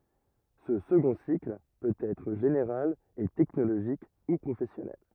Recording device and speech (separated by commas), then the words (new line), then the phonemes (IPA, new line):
rigid in-ear microphone, read sentence
Ce second cycle peut être général et technologique ou professionnel.
sə səɡɔ̃ sikl pøt ɛtʁ ʒeneʁal e tɛknoloʒik u pʁofɛsjɔnɛl